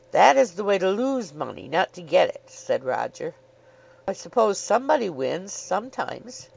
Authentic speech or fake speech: authentic